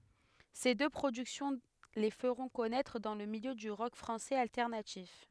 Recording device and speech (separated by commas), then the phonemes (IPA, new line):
headset microphone, read sentence
se dø pʁodyksjɔ̃ le fəʁɔ̃ kɔnɛtʁ dɑ̃ lə miljø dy ʁɔk fʁɑ̃sɛz altɛʁnatif